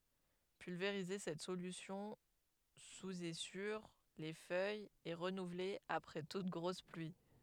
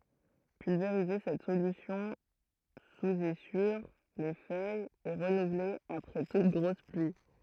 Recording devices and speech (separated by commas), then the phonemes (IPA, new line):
headset microphone, throat microphone, read sentence
pylveʁize sɛt solysjɔ̃ suz e syʁ le fœjz e ʁənuvle apʁɛ tut ɡʁos plyi